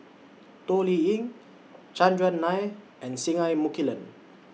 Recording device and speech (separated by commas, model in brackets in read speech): mobile phone (iPhone 6), read sentence